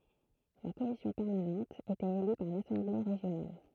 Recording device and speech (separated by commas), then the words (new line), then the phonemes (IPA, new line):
throat microphone, read sentence
La Commission permanente était élue par l'Assemblée régionale.
la kɔmisjɔ̃ pɛʁmanɑ̃t etɛt ely paʁ lasɑ̃ble ʁeʒjonal